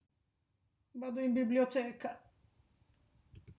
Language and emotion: Italian, sad